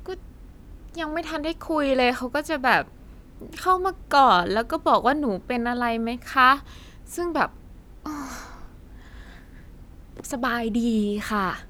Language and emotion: Thai, frustrated